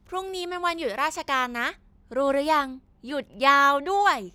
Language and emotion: Thai, happy